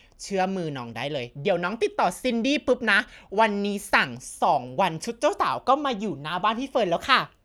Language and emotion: Thai, happy